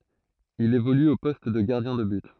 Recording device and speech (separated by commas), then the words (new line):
throat microphone, read sentence
Il évolue au poste de gardien de but.